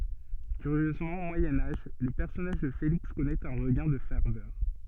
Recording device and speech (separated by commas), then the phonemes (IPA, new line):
soft in-ear microphone, read sentence
kyʁjøzmɑ̃ o mwajɛ̃ aʒ lə pɛʁsɔnaʒ də feliks kɔnɛt œ̃ ʁəɡɛ̃ də fɛʁvœʁ